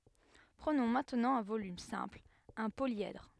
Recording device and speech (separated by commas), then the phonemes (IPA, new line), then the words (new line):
headset microphone, read sentence
pʁənɔ̃ mɛ̃tnɑ̃ œ̃ volym sɛ̃pl œ̃ poljɛdʁ
Prenons maintenant un volume simple, un polyèdre.